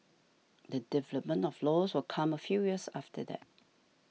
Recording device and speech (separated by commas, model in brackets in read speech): mobile phone (iPhone 6), read sentence